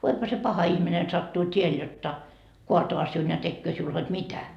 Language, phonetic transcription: Finnish, 'voipha se 'paha ihmine sattuu 't́iel jotta , 'koatoa siun ja 'tekköö siul hod "mitä » .
- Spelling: voihan se paha ihminen sattua tielle jotta kaataa sinun ja tekee sinulle hod mitä

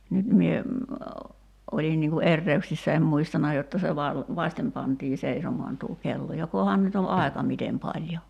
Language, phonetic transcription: Finnish, 'nyt mie , '’olin niŋ ku "erreyksissä em 'muistana jotta se val- , "vaśtem pantii 'seisomoan tuu 'kello 'jokohan nyt ‿o 'aeka "mitem 'paĺjo ?
- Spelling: nyt minä olin niin kuin erehdyksissä en muistanut jotta se - vasiten pantiin seisomaan tuo kello jokohan nyt on aika miten paljon

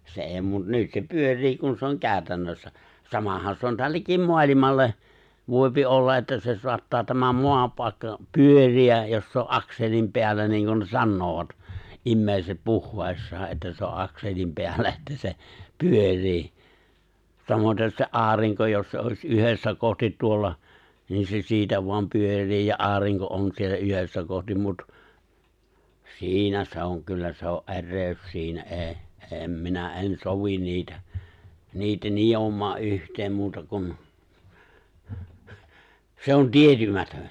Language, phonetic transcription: Finnish, se '’e̬e̬ⁱ mut 'nyt ne 'pyör̆rii kun se oŋ 'kääᵒ̈tännössä , 'samahan se on 'tällekim̆ 'moalimalle , 'vòipi '’olla että se 'soattaa tämä 'moapàikka , "pyör̀iäj jos se o’ "’akselim peällä niiŋ kun ne 'sannoovat , '’immèiset 'puhh(ᵘessaa) että se o "’akselim 'peällä 'että se , "pyör̆rii , 'samotes se "’aariŋko jos se òi̬s "’yhessä 'kohtit 'tuolla , niin se 'siitä voam 'pyör̆rii ja '’aariŋko on siellä "yhessä 'kohtim 'mut , "si̬inä se oŋ 'kyllä se o’ "’e̬rrèy̬̬s 'siinä '’ee , '’em 'minä '’en "sovin 'niitä , 'niitä 'nijom̆maa’ '’yht̀eem 'muuta kun , 'se ‿on "tietymätön̬ !
- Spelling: se ei mutta nyt ne pyörii kun se on käytännössä samahan se on tällekin maailmalle voi olla että se saattaa tämä maapaikka pyöriä jos se on akselin päällä niin kuin ne sanovat ihmiset puheessaan että se on akselin päällä että se pyörii samaten se aurinko jos se olisi yhdessä kohti tuolla niin se siitä vain pyörii ja aurinko on siellä yhdessä kohti mutta siinä se on kyllä se on erehdys siinä ei en minä en sovi niitä niitä nitomaan yhteen muuta kuin se on tietymätön

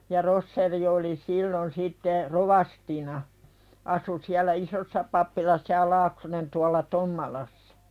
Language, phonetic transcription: Finnish, ja 'Rosseri oli 'sillon sitte , "rovastina , asu siäl̆lä "isossa pappilassa ja 'Laaksonen tualla "Tommalassᴀ .
- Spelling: ja Roschier oli silloin sitten rovastina asui siellä isossa pappilassa ja Laaksonen tuolla Tommalassa

